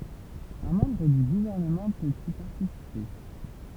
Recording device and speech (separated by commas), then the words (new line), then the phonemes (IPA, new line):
temple vibration pickup, read sentence
Un membre du Gouvernement peut y participer.
œ̃ mɑ̃bʁ dy ɡuvɛʁnəmɑ̃ pøt i paʁtisipe